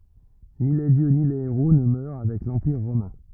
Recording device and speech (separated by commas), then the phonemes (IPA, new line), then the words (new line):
rigid in-ear microphone, read sentence
ni le djø ni le eʁo nə mœʁ avɛk lɑ̃piʁ ʁomɛ̃
Ni les dieux ni les héros ne meurent avec l'empire romain.